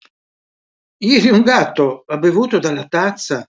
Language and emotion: Italian, surprised